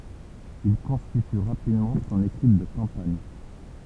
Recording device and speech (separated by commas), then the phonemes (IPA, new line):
temple vibration pickup, read sentence
il kɔ̃stity ʁapidmɑ̃ sɔ̃n ekip də kɑ̃paɲ